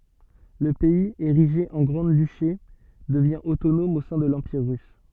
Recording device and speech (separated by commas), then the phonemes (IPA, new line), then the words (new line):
soft in-ear microphone, read sentence
lə pɛiz eʁiʒe ɑ̃ ɡʁɑ̃dyʃe dəvjɛ̃ otonɔm o sɛ̃ də lɑ̃piʁ ʁys
Le pays, érigé en grand-duché, devient autonome au sein de l'Empire russe.